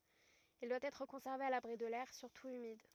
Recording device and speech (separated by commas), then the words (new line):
rigid in-ear microphone, read sentence
Il doit être conservé à l'abri de l'air, surtout humide.